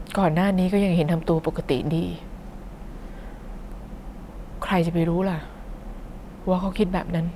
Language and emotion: Thai, sad